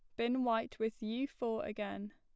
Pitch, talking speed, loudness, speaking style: 225 Hz, 190 wpm, -38 LUFS, plain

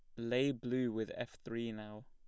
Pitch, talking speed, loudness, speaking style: 115 Hz, 195 wpm, -39 LUFS, plain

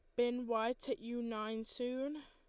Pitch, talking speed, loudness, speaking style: 240 Hz, 175 wpm, -39 LUFS, Lombard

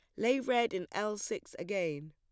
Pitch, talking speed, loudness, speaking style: 210 Hz, 190 wpm, -34 LUFS, plain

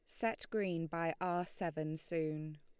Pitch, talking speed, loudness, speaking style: 170 Hz, 155 wpm, -39 LUFS, Lombard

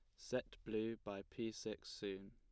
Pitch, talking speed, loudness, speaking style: 110 Hz, 170 wpm, -47 LUFS, plain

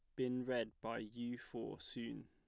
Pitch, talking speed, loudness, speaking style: 115 Hz, 175 wpm, -44 LUFS, plain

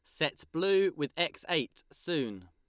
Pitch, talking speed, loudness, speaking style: 155 Hz, 160 wpm, -31 LUFS, Lombard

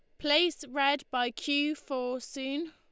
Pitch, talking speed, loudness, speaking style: 285 Hz, 145 wpm, -30 LUFS, Lombard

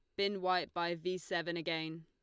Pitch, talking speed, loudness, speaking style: 175 Hz, 195 wpm, -37 LUFS, Lombard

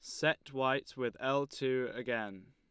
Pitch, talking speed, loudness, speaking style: 130 Hz, 155 wpm, -35 LUFS, Lombard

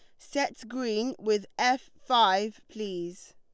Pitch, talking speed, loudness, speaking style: 215 Hz, 115 wpm, -29 LUFS, Lombard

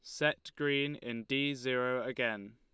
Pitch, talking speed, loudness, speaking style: 130 Hz, 155 wpm, -34 LUFS, Lombard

